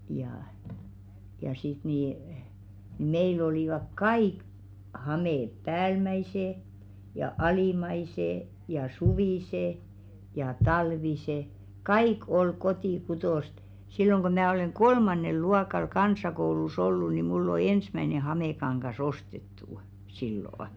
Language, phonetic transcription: Finnish, jaʰ , ja sit nì , 'meil ‿olìvak "kaìk , 'hamèp̆ "päälmäisè , ja "alìmaisè , ja "suvìsè , ja "talvise , "kaik 'ol 'kotì'kutòst , 'silloŋ ɢo 'mää oleŋ "ɢolmaǹel 'luakal 'kans̀akoulu's ‿ollu ni 'mull ‿o "ensmäⁱne 'hamekaŋɢas 'ostettù , sillò₍ᵒ .
- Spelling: ja ja sitten niin meillä olivat kaikki hameet päällimmäiset ja alimmaiset ja suviset ja talviset kaikki oli kotikutoista silloin kun minä olen kolmannella luokalla kansakoulussa ollut niin minulle on ensimmäinen hamekangas ostettu silloin

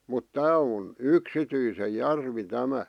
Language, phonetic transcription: Finnish, mut "tää on , "yksityise 'järvi 'tämä .
- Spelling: mutta tämä on yksityisen järvi tämä

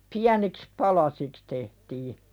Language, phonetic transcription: Finnish, 'piäniks "palasiks tehtii .
- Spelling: pieniksi palasiksi tehtiin

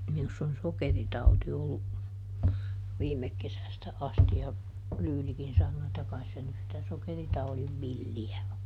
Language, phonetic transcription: Finnish, minuss ‿on "sokeritauti ˈollu , ˈviimek kesästä ˈasti ja , ˈLyylikin sannoo että » ˈkais se nys sitä ˈsokeritauliv "villi₍ä o » .
- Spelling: minussa on sokeritauti ollut viime kesästä asti ja Lyylikin sanoo että kai se nyt sitä sokeritaudin villiä on

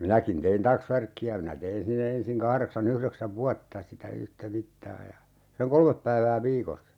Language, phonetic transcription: Finnish, 'minäkin tein "taksvärkki₍ä minä 'tein sinne 'ensiŋ 'kahreksa'n ‿yhreksäv "vuatta sitä 'yhtä "mittaa ja , seŋ "kolmep päivää 'viikossa .
- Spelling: minäkin tein taksvärkkiä minä tein sinne ensin kahdeksan yhdeksän vuotta sitä yhtä mittaa ja sen kolme päivää viikossa

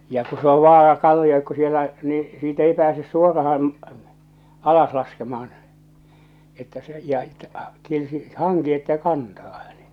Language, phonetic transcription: Finnish, ja ku se ‿ov 'vaar̬a 'kalliokko sielä , ni , siit ‿ei 'pääses 'suoraham̳ , 'alas laskemah̬an , että se , ja ᵉᵗtä , tietysti , "haŋki että "kantaa hᴀ̈ɴᴇ .
- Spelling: ja kun se on vaara kalliokko siellä niin siitä ei pääse suoraan alas laskemaan että se ja että tietysti hanki että kantaa hänet

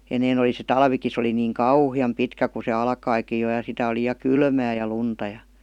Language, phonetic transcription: Finnish, 'enneen ‿oli se "talviki se oli niiŋ "kauhi₍am 'pitkä ku se "alkaikij jo ja sitä oli ja "kylmää ja 'lunta jA .
- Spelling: ennen oli se talvikin se oli niin kauhean pitkä kun se alkoikin jo ja sitä oli ja kylmää ja lunta ja

